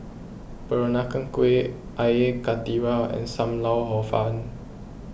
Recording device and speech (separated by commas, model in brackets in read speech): boundary microphone (BM630), read sentence